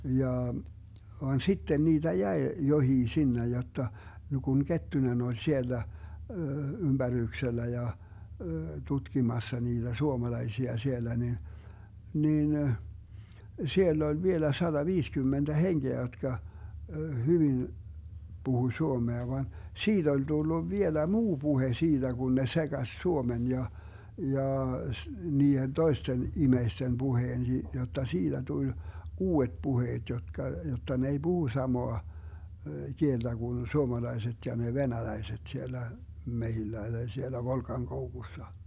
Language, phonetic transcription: Finnish, 'jaa , van "sitten 'niiDä 'jäe , 'johii 'sinnej jotta , (ja) Gun 'Kettunen oĺ 'siellä , 'ymBäryyksellä ja , 'tutkimassa niiDä 'suomalaisia 'siellä ni , 'niin , 'siell ‿oĺ 'vielä 'saDaviiskymmenDä "henGeä jotka , 'hyvin , 'Buhuⁱ "suomea van , "siiD ‿oĺ 'Dulluv 'vielä "muu 'Buhe siiDä Gun ne 'seGas 'suomen ja , 'jaa s- , 'niihen "toisten 'imeisten 'Buheen si- , jotta 'siiDä tuĺ "uu₍et 'puheet 'jotka , jotta ne ei "Buhu 'samoa , 'kielDä Gun 'suomalaiset ja ne "venäläiset 'siellä , 'mehillä tai siellä 'Volkaŋkoukussa .
- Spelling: jaa vaan sitten niitä jäi jokin sinne jotta ja kun Kettunen oli siellä ympäryksellä ja tutkimassa niitä suomalaisia siellä niin niin siellä oli vielä sataviisikymmentä henkeä jotka hyvin puhui suomea vaan siitä oli tullut vielä muu puhe siitä kun ne sekasi suomen ja jaa - niiden toisten ihmisten puheen - jotta siitä tuli uudet puheet jotka jotta ne ei puhu samaa kieltä kuin suomalaiset ja ne venäläiset siellä metsillä tai siellä Volkankoukussa

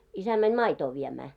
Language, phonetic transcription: Finnish, 'isä mäń "maitoo 'viemää .
- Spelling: isä meni maitoa viemään

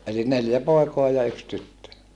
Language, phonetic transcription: Finnish, ʼeli neljä pòi̮koa ja yks tyttö .
- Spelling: eli neljä poikaa ja yksi tyttö

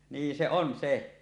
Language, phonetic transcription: Finnish, 'nii se on 'se .
- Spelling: niin se on se

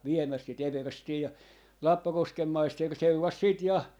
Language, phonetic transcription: Finnish, 'viemäs si't ‿everstii ja , "Lappakoskem 'maister 'seuras 'siit 'ja .
- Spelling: viemässä sitä everstiä ja Lappakosken maisteri seurasi sitten ja

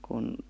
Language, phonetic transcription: Finnish, kun ,.
- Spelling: kun

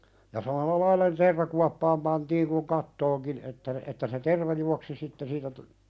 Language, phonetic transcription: Finnish, ja 'samalla "lail̆la (ne) 'tervakuappaam pantiiŋ kuŋ "kattooŋkin että , että se "terva juaksi 'sitte siitä tu- ,.
- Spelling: ja samalla lailla ne tervakuoppaan pantiin kuin kattoonkin että että se terva juoksi sitten siitä -

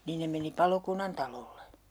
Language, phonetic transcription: Finnish, niin ne meni "palokunnantalolle .
- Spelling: niin ne meni palokunnantalolle

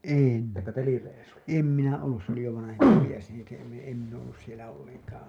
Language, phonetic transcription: Finnish, en , "em minaa ollus se ‿oli jo 'vanahempi mies niin̬ se em , em min ‿oo’ ’ollus sielä olleŋkaa .
- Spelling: en en minä ollut se oli jo vanhempi mies niin se en en minä ole ollut siellä ollenkaan

